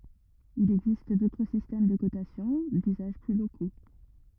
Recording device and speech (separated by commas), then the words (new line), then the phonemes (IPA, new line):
rigid in-ear microphone, read sentence
Il existe d'autres systèmes de cotation, d'usages plus locaux.
il ɛɡzist dotʁ sistɛm də kotasjɔ̃ dyzaʒ ply loko